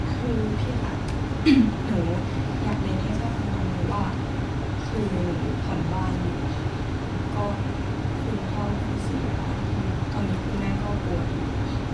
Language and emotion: Thai, frustrated